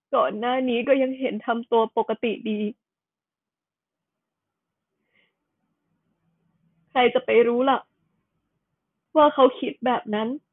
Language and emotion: Thai, sad